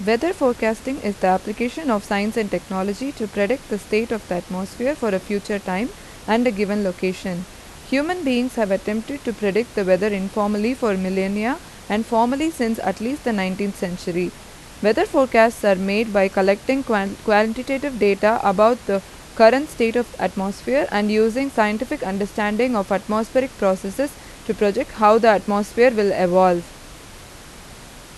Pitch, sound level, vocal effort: 215 Hz, 87 dB SPL, loud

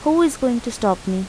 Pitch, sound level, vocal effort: 240 Hz, 83 dB SPL, normal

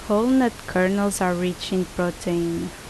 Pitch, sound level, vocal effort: 185 Hz, 78 dB SPL, normal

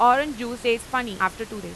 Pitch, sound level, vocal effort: 235 Hz, 97 dB SPL, very loud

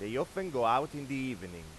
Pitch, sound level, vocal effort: 125 Hz, 96 dB SPL, loud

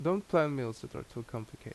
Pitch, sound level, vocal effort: 135 Hz, 81 dB SPL, normal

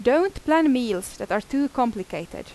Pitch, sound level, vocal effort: 255 Hz, 88 dB SPL, very loud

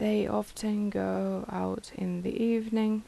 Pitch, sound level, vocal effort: 210 Hz, 78 dB SPL, soft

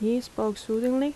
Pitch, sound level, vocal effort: 235 Hz, 80 dB SPL, soft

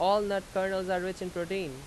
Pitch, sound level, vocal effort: 190 Hz, 92 dB SPL, very loud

